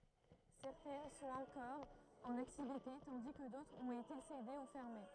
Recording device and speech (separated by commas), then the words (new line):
throat microphone, read sentence
Certaines sont encore en activité, tandis que d'autres ont été cédées ou fermées.